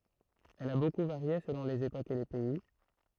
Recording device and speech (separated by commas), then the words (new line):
throat microphone, read sentence
Elle a beaucoup varié selon les époques et les pays.